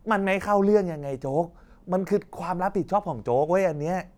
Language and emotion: Thai, frustrated